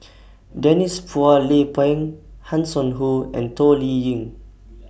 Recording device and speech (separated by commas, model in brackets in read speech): boundary microphone (BM630), read sentence